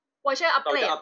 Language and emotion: Thai, frustrated